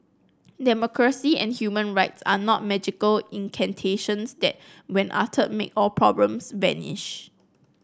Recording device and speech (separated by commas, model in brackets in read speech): close-talking microphone (WH30), read sentence